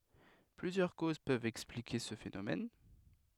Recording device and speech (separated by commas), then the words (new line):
headset microphone, read sentence
Plusieurs causes peuvent expliquer ce phénomène.